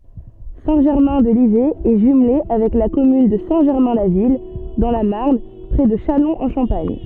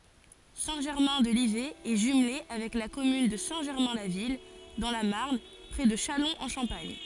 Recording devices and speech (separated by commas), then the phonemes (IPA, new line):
soft in-ear microphone, forehead accelerometer, read sentence
sɛ̃ ʒɛʁmɛ̃ də livɛ ɛ ʒymle avɛk la kɔmyn də sɛ̃ ʒɛʁmɛ̃ la vil dɑ̃ la maʁn pʁɛ də ʃalɔ̃z ɑ̃ ʃɑ̃paɲ